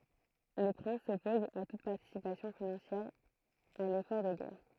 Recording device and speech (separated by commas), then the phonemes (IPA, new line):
throat microphone, read sentence
le pʁɛ̃s sɔpozt a tut paʁtisipasjɔ̃ finɑ̃sjɛʁ a lefɔʁ də ɡɛʁ